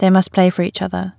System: none